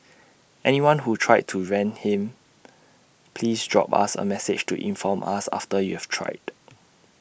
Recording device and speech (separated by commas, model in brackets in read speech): boundary microphone (BM630), read sentence